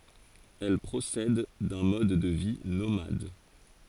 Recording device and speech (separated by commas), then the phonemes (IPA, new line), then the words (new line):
forehead accelerometer, read sentence
ɛl pʁosɛd dœ̃ mɔd də vi nomad
Elles procèdent d'un mode de vie nomade.